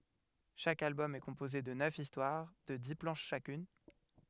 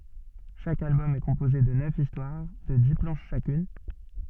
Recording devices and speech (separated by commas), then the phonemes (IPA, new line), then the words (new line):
headset microphone, soft in-ear microphone, read sentence
ʃak albɔm ɛ kɔ̃poze də nœf istwaʁ də di plɑ̃ʃ ʃakyn
Chaque album est composé de neuf histoires de dix planches chacune.